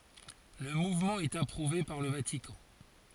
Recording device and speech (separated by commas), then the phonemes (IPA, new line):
forehead accelerometer, read sentence
lə muvmɑ̃ ɛt apʁuve paʁ lə vatikɑ̃